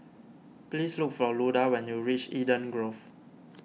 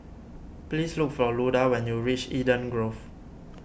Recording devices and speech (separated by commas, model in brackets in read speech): mobile phone (iPhone 6), boundary microphone (BM630), read sentence